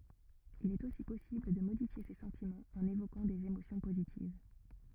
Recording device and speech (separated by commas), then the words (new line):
rigid in-ear microphone, read sentence
Il est aussi possible de modifier ses sentiments en évoquant des émotions positives.